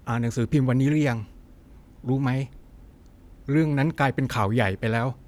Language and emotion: Thai, neutral